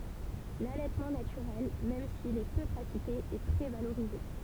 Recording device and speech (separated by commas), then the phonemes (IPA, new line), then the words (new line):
temple vibration pickup, read sentence
lalɛtmɑ̃ natyʁɛl mɛm sil ɛ pø pʁatike ɛ tʁɛ valoʁize
L'allaitement naturel, même s'il est peu pratiqué, est très valorisé.